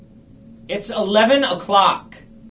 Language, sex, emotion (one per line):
English
male
angry